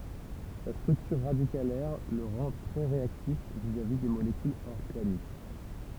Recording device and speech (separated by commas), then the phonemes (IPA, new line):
temple vibration pickup, read sentence
sa stʁyktyʁ ʁadikalɛʁ lə ʁɑ̃ tʁɛ ʁeaktif vizavi de molekylz ɔʁɡanik